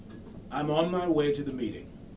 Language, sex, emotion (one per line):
English
male
neutral